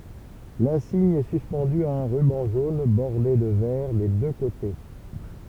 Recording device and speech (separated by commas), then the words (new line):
temple vibration pickup, read sentence
L'insigne est suspendu à un ruban jaune bordé de vert des deux côtés.